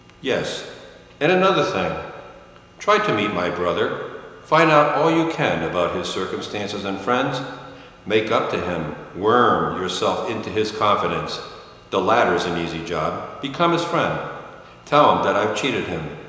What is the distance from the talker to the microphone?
1.7 m.